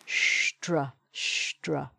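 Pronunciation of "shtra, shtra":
The str sound is said with a sh at the start, 'shtr' instead of 'str', in the Cockney way.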